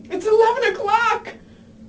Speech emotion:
fearful